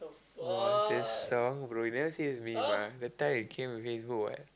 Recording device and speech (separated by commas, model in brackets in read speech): close-talking microphone, conversation in the same room